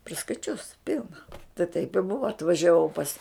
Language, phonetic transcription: Lithuanian, priskaiˈčius ˈpilna tai taip i ˈbuva atvažiaˈvau pas

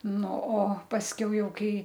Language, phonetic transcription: Lithuanian, ˈnu o pasˈkiau ˈjau ˈkai

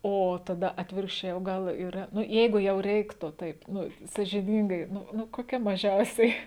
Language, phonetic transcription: Lithuanian, ˈo ˈtada ˈatvirkščiai o ˈgal yˈra ˈnu ˈjeigu jau ˈreiktu ˈtaip ˈnu sažiˈnyngai ˈnu ˈnu koˈkia maˈžiausiai

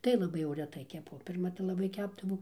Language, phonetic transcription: Lithuanian, tai laˈbai jau reˈtai keˈpu pirˈma tai laˈbai ˈkæpdavau

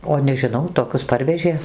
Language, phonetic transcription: Lithuanian, o nežiˈnau toˈkius ˈparvežė

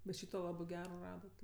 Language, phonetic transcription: Lithuanian, bet ˈšyto ˈlabɜ ˈgero ˈradat

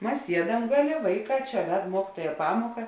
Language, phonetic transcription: Lithuanian, ˈmas ˈsiedam ˈgaˌlė ˈvaiˌkā ˈčia ˈved ˈmuokituoja ˈpamoka

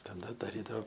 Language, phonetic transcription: Lithuanian, taˈda daˈrydao

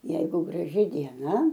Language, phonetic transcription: Lithuanian, ˈjeigu graˈži dieˈna

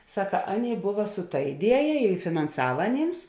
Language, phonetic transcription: Lithuanian, ˈsaka ˈaˌnėi ˈbuva su ta iˈdieja i finanˈsava aˈnėms

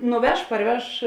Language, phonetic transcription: Lithuanian, nuˈveš parˈveš

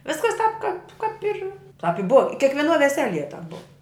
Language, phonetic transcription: Lithuanian, ˈviskas tāp kap kap ir tap i buv i kiekvieˈnuo veˈselie tap buv

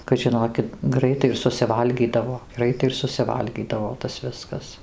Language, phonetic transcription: Lithuanian, kad ˈžinokit ˈgraitai ir susiˈvalgydavo ˈgraitai ir susiˈvalgydavo tas ˈviskas

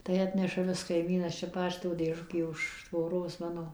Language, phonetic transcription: Lithuanian, tai ˈatneša ˈvis kaiˈmynas ˈčia ˈpašto dėˈžukė už tvoˈros ˈmano

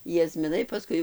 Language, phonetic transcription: Lithuanian, jazmiˈnai paˈskui

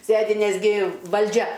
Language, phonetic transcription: Lithuanian, ˈsėdi nesˈgi valˈdžia

